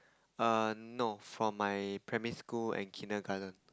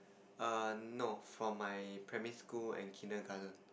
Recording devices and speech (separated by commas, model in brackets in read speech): close-talking microphone, boundary microphone, conversation in the same room